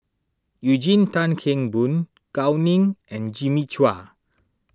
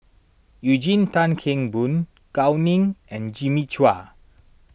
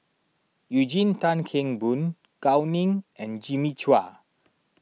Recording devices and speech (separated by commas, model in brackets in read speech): standing microphone (AKG C214), boundary microphone (BM630), mobile phone (iPhone 6), read sentence